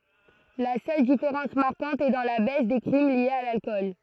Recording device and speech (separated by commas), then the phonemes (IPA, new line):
throat microphone, read sentence
la sœl difeʁɑ̃s maʁkɑ̃t ɛ dɑ̃ la bɛs de kʁim ljez a lalkɔl